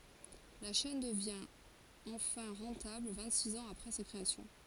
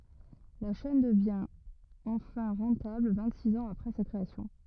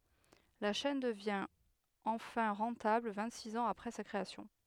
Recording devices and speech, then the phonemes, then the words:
forehead accelerometer, rigid in-ear microphone, headset microphone, read sentence
la ʃɛn dəvjɛ̃ ɑ̃fɛ̃ ʁɑ̃tabl vɛ̃ɡtsiks ɑ̃z apʁɛ sa kʁeasjɔ̃
La chaîne devient enfin rentable vingt-six ans après sa création.

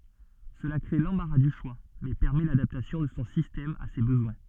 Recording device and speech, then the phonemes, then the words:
soft in-ear microphone, read sentence
səla kʁe lɑ̃baʁa dy ʃwa mɛ pɛʁmɛ ladaptasjɔ̃ də sɔ̃ sistɛm a se bəzwɛ̃
Cela crée l'embarras du choix mais permet l'adaptation de son système à ses besoins.

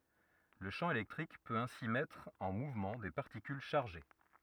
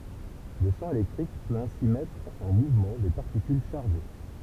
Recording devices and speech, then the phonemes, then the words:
rigid in-ear microphone, temple vibration pickup, read sentence
lə ʃɑ̃ elɛktʁik pøt ɛ̃si mɛtʁ ɑ̃ muvmɑ̃ de paʁtikyl ʃaʁʒe
Le champ électrique peut ainsi mettre en mouvement des particules chargées.

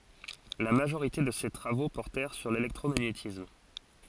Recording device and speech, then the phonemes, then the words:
forehead accelerometer, read sentence
la maʒoʁite də se tʁavo pɔʁtɛʁ syʁ lelɛktʁomaɲetism
La majorité de ses travaux portèrent sur l'électromagnétisme.

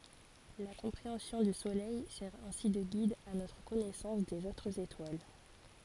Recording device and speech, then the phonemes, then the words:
forehead accelerometer, read sentence
la kɔ̃pʁeɑ̃sjɔ̃ dy solɛj sɛʁ ɛ̃si də ɡid a notʁ kɔnɛsɑ̃s dez otʁz etwal
La compréhension du Soleil sert ainsi de guide à notre connaissance des autres étoiles.

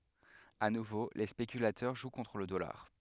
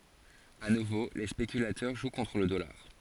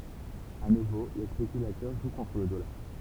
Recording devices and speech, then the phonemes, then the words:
headset microphone, forehead accelerometer, temple vibration pickup, read sentence
a nuvo le spekylatœʁ ʒw kɔ̃tʁ lə dɔlaʁ
À nouveau les spéculateurs jouent contre le dollar.

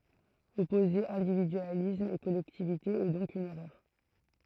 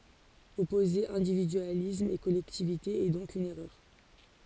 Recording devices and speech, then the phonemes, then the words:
throat microphone, forehead accelerometer, read sentence
ɔpoze ɛ̃dividyalism e kɔlɛktivite ɛ dɔ̃k yn ɛʁœʁ
Opposer individualisme et collectivité est donc une erreur.

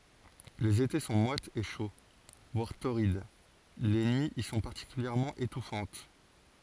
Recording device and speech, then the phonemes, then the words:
forehead accelerometer, read sentence
lez ete sɔ̃ mwatz e ʃo vwaʁ toʁid le nyiz i sɔ̃ paʁtikyljɛʁmɑ̃ etufɑ̃t
Les étés sont moites et chauds, voire torrides, les nuits y sont particulièrement étouffantes.

